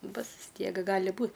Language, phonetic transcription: Lithuanian, ˈbus vis ˈtiek ˈgali ˈbūt

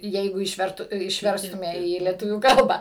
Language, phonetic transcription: Lithuanian, ˈjeigu išˈvertu išˈverstume į lieˈtuvių ˈkalbą

